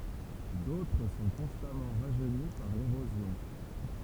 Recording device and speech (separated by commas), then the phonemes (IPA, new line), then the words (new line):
temple vibration pickup, read sentence
dotʁ sɔ̃ kɔ̃stamɑ̃ ʁaʒøni paʁ leʁozjɔ̃
D'autres sont constamment rajeunis par l'érosion.